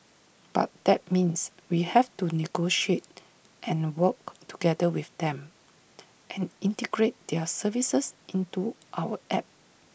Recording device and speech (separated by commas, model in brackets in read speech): boundary microphone (BM630), read sentence